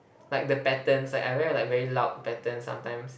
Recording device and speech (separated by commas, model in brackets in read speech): boundary microphone, conversation in the same room